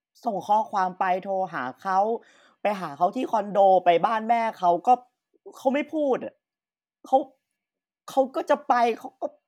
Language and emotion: Thai, sad